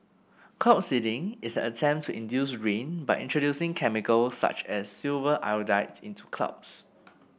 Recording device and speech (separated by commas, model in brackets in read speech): boundary microphone (BM630), read sentence